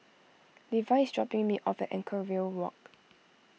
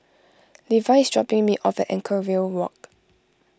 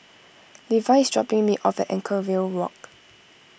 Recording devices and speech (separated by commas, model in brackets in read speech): mobile phone (iPhone 6), close-talking microphone (WH20), boundary microphone (BM630), read sentence